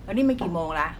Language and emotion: Thai, frustrated